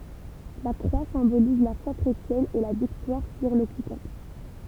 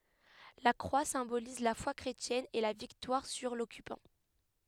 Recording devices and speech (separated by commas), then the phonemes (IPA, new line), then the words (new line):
temple vibration pickup, headset microphone, read sentence
la kʁwa sɛ̃boliz la fwa kʁetjɛn e la viktwaʁ syʁ lɔkypɑ̃
La croix symbolise la foi chrétienne et la victoire sur l’occupant.